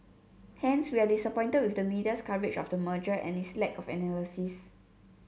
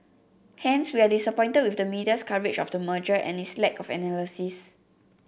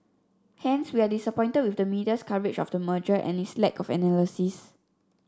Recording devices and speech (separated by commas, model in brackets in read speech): mobile phone (Samsung C7), boundary microphone (BM630), standing microphone (AKG C214), read sentence